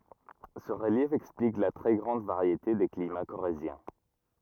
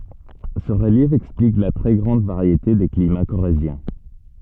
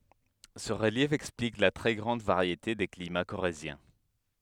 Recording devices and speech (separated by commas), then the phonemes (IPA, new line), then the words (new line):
rigid in-ear microphone, soft in-ear microphone, headset microphone, read sentence
sə ʁəljɛf ɛksplik la tʁɛ ɡʁɑ̃d vaʁjete de klima koʁezjɛ̃
Ce relief explique la très grande variété des climats corréziens.